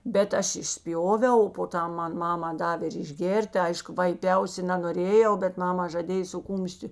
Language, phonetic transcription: Lithuanian, ˈbet ˈaš išˈspjoviau o po ˈtam ˈman ˈmama ˈdavė ir išˈgėr't' ˈaišku vaiˈpiausi nanoˈrėjau bet ˈmama žaˈdėj su ˈkūmšti

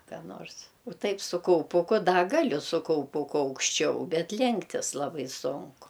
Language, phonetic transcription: Lithuanian, ką ˈnors o ˈtaip su kauˈpuku ˈda ˈgaliu su kauˈpuku aukšˈčiau ˈbet ˈlenktis ˈlabai ˈsunku

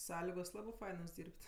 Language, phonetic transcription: Lithuanian, ˈsąligos ˈlabi ˈfainos ˈdyrb't'

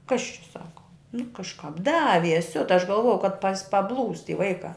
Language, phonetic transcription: Lithuanian, kas čia ˈsaka nu kažˈkāp ˈdavies ˈsiuta aš galˈvojau kad pas paˈblūs ti ˈvaikā

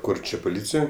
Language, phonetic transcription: Lithuanian, ˈkur ˈčia poˈlycijoj

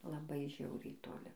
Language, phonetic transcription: Lithuanian, laˈbai ˈžiauriai toˈli

